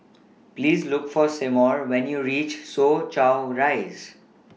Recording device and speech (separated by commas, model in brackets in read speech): mobile phone (iPhone 6), read sentence